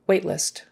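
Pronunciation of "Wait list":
In 'wait list', the t at the end of 'wait' is very short, and it does not sound like a d.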